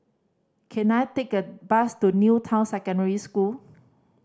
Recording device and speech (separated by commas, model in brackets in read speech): standing microphone (AKG C214), read sentence